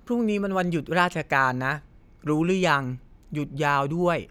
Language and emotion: Thai, neutral